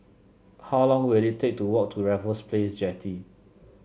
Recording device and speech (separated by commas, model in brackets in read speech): mobile phone (Samsung C7), read sentence